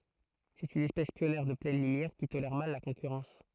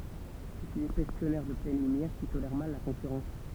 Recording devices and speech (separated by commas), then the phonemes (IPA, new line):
throat microphone, temple vibration pickup, read sentence
sɛt yn ɛspɛs pjɔnjɛʁ də plɛn lymjɛʁ ki tolɛʁ mal la kɔ̃kyʁɑ̃s